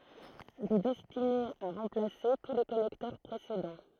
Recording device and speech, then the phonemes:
throat microphone, read sentence
il ɛ dɛstine a ʁɑ̃plase tu le kɔnɛktœʁ pʁesedɑ̃

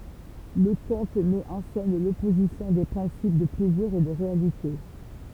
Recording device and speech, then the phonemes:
temple vibration pickup, read sentence
lə kɔ̃t mɛt ɑ̃ sɛn lɔpozisjɔ̃ de pʁɛ̃sip də plɛziʁ e də ʁealite

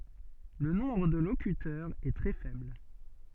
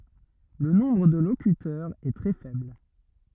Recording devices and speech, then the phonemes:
soft in-ear microphone, rigid in-ear microphone, read sentence
lə nɔ̃bʁ də lokytœʁz ɛ tʁɛ fɛbl

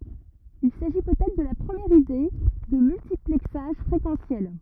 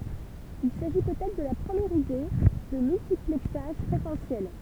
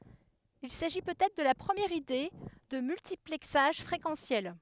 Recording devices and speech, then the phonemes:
rigid in-ear microphone, temple vibration pickup, headset microphone, read sentence
il saʒi pøt ɛtʁ də la pʁəmjɛʁ ide də myltiplɛksaʒ fʁekɑ̃sjɛl

